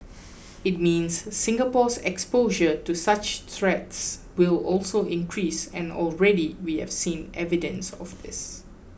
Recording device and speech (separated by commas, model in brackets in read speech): boundary microphone (BM630), read sentence